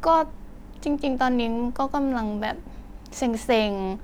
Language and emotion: Thai, frustrated